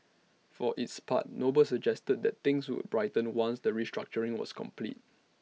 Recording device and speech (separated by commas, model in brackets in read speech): mobile phone (iPhone 6), read sentence